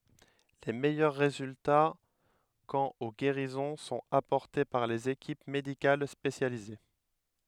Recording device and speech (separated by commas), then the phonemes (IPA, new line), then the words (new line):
headset microphone, read sentence
le mɛjœʁ ʁezylta kɑ̃t o ɡeʁizɔ̃ sɔ̃t apɔʁte paʁ lez ekip medikal spesjalize
Les meilleurs résultats quant aux guérisons sont apportés par les équipes médicales spécialisées.